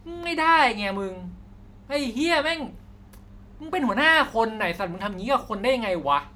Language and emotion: Thai, angry